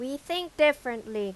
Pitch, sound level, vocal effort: 270 Hz, 93 dB SPL, very loud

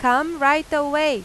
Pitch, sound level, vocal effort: 290 Hz, 95 dB SPL, loud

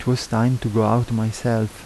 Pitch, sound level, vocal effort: 115 Hz, 78 dB SPL, soft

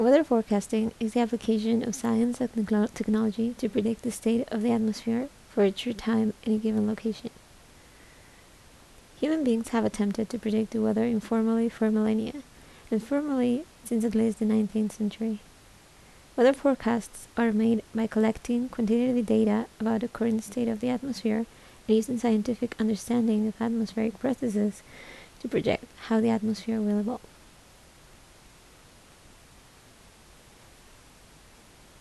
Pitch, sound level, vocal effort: 225 Hz, 73 dB SPL, soft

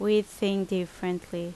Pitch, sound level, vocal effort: 190 Hz, 80 dB SPL, loud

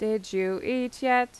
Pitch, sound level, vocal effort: 240 Hz, 88 dB SPL, normal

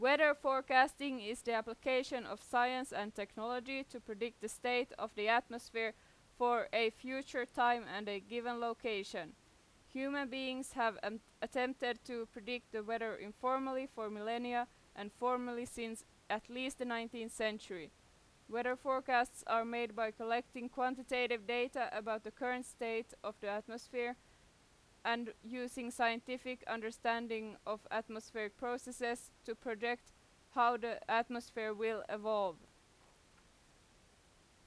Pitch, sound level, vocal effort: 235 Hz, 92 dB SPL, very loud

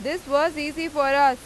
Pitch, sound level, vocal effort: 290 Hz, 98 dB SPL, loud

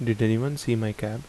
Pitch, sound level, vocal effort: 115 Hz, 76 dB SPL, soft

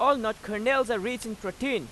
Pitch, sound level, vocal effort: 235 Hz, 97 dB SPL, very loud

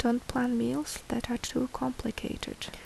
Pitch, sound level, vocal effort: 240 Hz, 69 dB SPL, soft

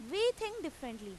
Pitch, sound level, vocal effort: 320 Hz, 93 dB SPL, very loud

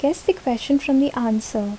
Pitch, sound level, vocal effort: 275 Hz, 73 dB SPL, soft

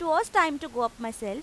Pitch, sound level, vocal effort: 295 Hz, 93 dB SPL, loud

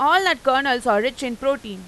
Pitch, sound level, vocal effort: 265 Hz, 97 dB SPL, loud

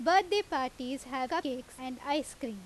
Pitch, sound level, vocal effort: 265 Hz, 90 dB SPL, very loud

